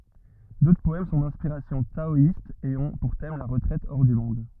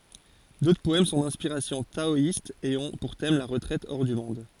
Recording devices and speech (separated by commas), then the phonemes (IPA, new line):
rigid in-ear microphone, forehead accelerometer, read sentence
dotʁ pɔɛm sɔ̃ dɛ̃spiʁasjɔ̃ taɔist e ɔ̃ puʁ tɛm la ʁətʁɛt ɔʁ dy mɔ̃d